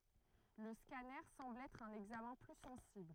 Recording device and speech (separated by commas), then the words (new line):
throat microphone, read sentence
Le scanner semble être un examen plus sensible.